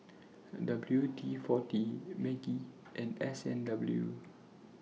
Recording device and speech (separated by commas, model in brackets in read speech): mobile phone (iPhone 6), read sentence